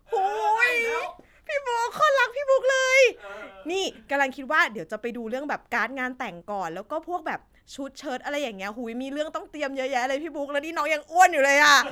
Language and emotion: Thai, happy